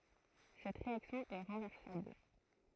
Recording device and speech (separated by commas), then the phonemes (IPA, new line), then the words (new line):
throat microphone, read sentence
sɛt ʁeaksjɔ̃ ɛ ʁɑ̃vɛʁsabl
Cette réaction est renversable.